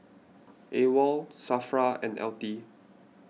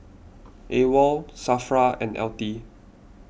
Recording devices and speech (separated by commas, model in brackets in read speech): mobile phone (iPhone 6), boundary microphone (BM630), read sentence